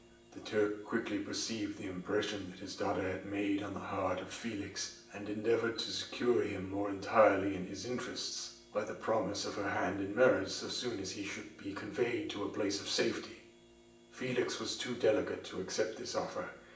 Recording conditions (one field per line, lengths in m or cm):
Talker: one person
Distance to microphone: 1.8 m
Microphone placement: close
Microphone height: 1.0 m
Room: large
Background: none